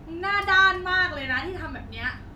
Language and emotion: Thai, angry